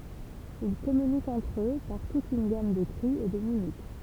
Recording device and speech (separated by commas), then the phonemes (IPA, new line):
temple vibration pickup, read sentence
il kɔmynikt ɑ̃tʁ ø paʁ tut yn ɡam də kʁi e də mimik